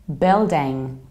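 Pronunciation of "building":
'Building' is pronounced with an American accent.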